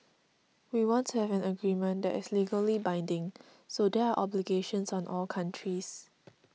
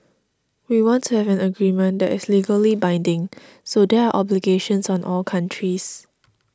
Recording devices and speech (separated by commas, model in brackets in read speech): mobile phone (iPhone 6), standing microphone (AKG C214), read sentence